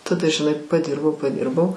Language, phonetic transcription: Lithuanian, taˈda žiˈnai paˈdirbau paˈdirbau

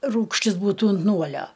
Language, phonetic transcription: Lithuanian, ˈrūgštis ˈbūtų unt ˈnuolio

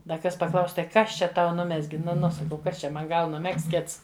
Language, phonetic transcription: Lithuanian, da ˈkas paˈklaus tai ˈkas čia ˈtau ˈnumezgi nu ˈnu saˈkau ˈkas čia ˈman ˈgal nuˈmegzt ˈkits

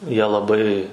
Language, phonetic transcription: Lithuanian, ˈjie laˈbai

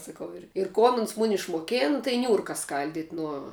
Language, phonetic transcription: Lithuanian, saˈkau ˈir ir ˈkon uns ˈmuni išmoˈkėn tai ˈniūrka ˈskaldit' nuo

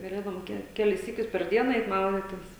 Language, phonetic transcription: Lithuanian, gaˈlėdavom ˈke ˈkelis ˈsykius per ˈdiena ˈeit ˈmauditis

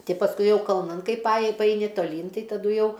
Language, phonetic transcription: Lithuanian, ˈti pasˈkui ˈjau kalˈnan ˈkaip paˈaji paˈaini toˈlyn ˈtai taˈdu ˈjau

